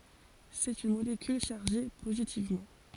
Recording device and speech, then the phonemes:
forehead accelerometer, read sentence
sɛt yn molekyl ʃaʁʒe pozitivmɑ̃

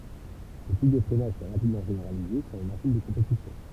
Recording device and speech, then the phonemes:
temple vibration pickup, read sentence
sə tip də fʁɛnaʒ sɛ ʁapidmɑ̃ ʒeneʁalize syʁ le maʃin də kɔ̃petisjɔ̃

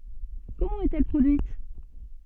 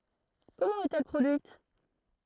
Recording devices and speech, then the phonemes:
soft in-ear microphone, throat microphone, read sentence
kɔmɑ̃ ɛt ɛl pʁodyit

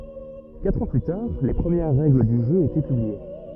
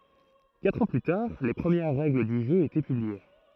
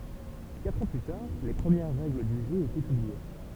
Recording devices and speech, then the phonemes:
rigid in-ear microphone, throat microphone, temple vibration pickup, read sentence
katʁ ɑ̃ ply taʁ le pʁəmjɛʁ ʁɛɡl dy ʒø etɛ pyblie

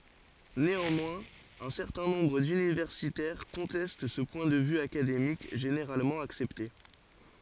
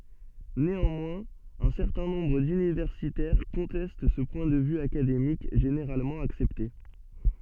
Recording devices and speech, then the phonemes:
forehead accelerometer, soft in-ear microphone, read sentence
neɑ̃mwɛ̃z œ̃ sɛʁtɛ̃ nɔ̃bʁ dynivɛʁsitɛʁ kɔ̃tɛst sə pwɛ̃ də vy akademik ʒeneʁalmɑ̃ aksɛpte

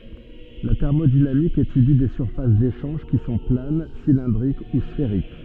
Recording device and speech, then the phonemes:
soft in-ear microphone, read sentence
la tɛʁmodinamik etydi de syʁfas deʃɑ̃ʒ ki sɔ̃ plan silɛ̃dʁik u sfeʁik

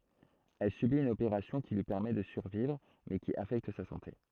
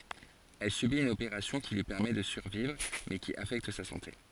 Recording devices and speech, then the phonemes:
throat microphone, forehead accelerometer, read sentence
ɛl sybit yn opeʁasjɔ̃ ki lyi pɛʁmɛ də syʁvivʁ mɛ ki afɛkt sa sɑ̃te

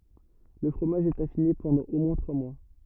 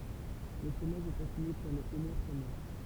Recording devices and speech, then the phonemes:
rigid in-ear microphone, temple vibration pickup, read sentence
lə fʁomaʒ ɛt afine pɑ̃dɑ̃ o mwɛ̃ tʁwa mwa

